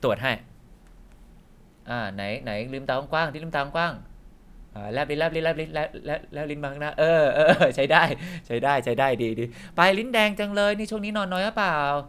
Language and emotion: Thai, happy